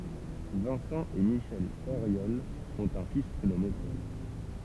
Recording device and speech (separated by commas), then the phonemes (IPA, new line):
temple vibration pickup, read sentence
vɛ̃sɑ̃ e miʃɛl oʁjɔl ɔ̃t œ̃ fis pʁenɔme pɔl